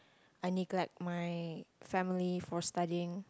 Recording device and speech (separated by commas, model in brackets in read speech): close-talking microphone, conversation in the same room